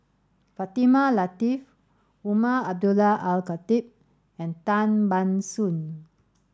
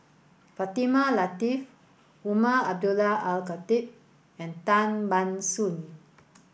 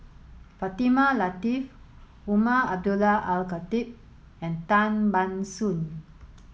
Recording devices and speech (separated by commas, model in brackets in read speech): standing microphone (AKG C214), boundary microphone (BM630), mobile phone (Samsung S8), read sentence